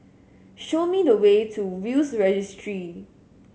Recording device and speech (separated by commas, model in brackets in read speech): mobile phone (Samsung S8), read sentence